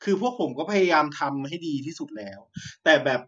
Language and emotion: Thai, frustrated